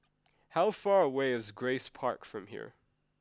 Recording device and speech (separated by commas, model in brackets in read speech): close-talking microphone (WH20), read sentence